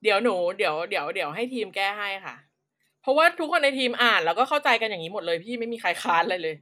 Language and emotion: Thai, frustrated